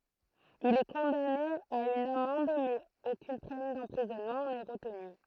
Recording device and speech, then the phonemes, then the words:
throat microphone, read sentence
il ɛ kɔ̃dane a yn amɑ̃d mɛz okyn pɛn dɑ̃pʁizɔnmɑ̃ nɛ ʁətny
Il est condamné à une amende, mais aucune peine d'emprisonnement n'est retenue.

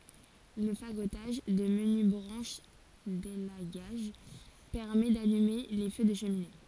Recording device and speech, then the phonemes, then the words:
forehead accelerometer, read sentence
lə faɡotaʒ də məny bʁɑ̃ʃ delaɡaʒ pɛʁmɛ dalyme le fø də ʃəmine
Le fagotage de menues branches d'élagage permet d'allumer les feux de cheminées.

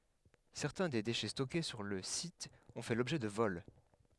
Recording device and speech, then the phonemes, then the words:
headset microphone, read sentence
sɛʁtɛ̃ de deʃɛ stɔke syʁ lə sit ɔ̃ fɛ lɔbʒɛ də vɔl
Certains des déchets stockés sur le site ont fait l'objet de vols.

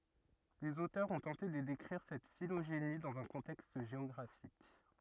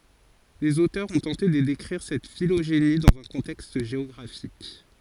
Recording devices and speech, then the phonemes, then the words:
rigid in-ear microphone, forehead accelerometer, read sentence
lez otœʁz ɔ̃ tɑ̃te də dekʁiʁ sɛt filoʒeni dɑ̃z œ̃ kɔ̃tɛkst ʒeɔɡʁafik
Les auteurs ont tenté de décrire cette phylogénie dans un contexte géographique.

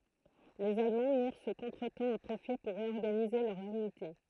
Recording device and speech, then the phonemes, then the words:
throat microphone, read sentence
lez almɑ̃ miʁ sə kɔ̃tʁətɑ̃ a pʁofi puʁ ʁeɔʁɡanize lœʁz ynite
Les Allemands mirent ce contretemps à profit pour réorganiser leurs unités.

